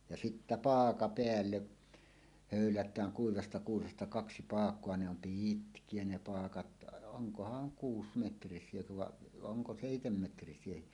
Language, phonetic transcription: Finnish, ja sittä "paaka 'peälle , hö̀ylät̀ääŋ kuivasta kuusesta kaksi paak̀oa ne ‿om "pii̳tkie ne 'paakat , oŋkohaŋ 'kuusmetris̀iekö vaˀ 'ˀoŋko "sèitemmetris̀iehi .
- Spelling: ja sitten paaka päälle höylätään kuivasta kuusesta kaksi paakaa ne on pitkiä ne paakat onkohan kuusimetrisiä vai onko seitsemänmetrisiäkin

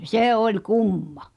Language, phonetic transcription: Finnish, sè 'oĺ "kummᴀ !
- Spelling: se oli kumma

